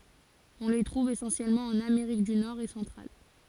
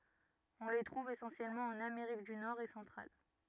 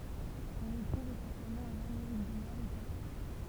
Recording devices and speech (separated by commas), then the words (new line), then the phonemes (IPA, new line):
forehead accelerometer, rigid in-ear microphone, temple vibration pickup, read sentence
On les trouve essentiellement en Amérique du Nord et centrale.
ɔ̃ le tʁuv esɑ̃sjɛlmɑ̃ ɑ̃n ameʁik dy nɔʁ e sɑ̃tʁal